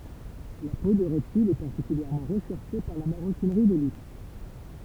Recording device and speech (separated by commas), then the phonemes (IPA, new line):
temple vibration pickup, read sentence
la po də ʁɛptilz ɛ paʁtikyljɛʁmɑ̃ ʁəʃɛʁʃe paʁ la maʁokinʁi də lyks